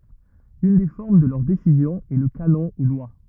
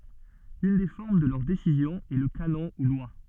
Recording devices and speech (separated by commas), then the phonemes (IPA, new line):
rigid in-ear microphone, soft in-ear microphone, read sentence
yn de fɔʁm də lœʁ desizjɔ̃z ɛ lə kanɔ̃ u lwa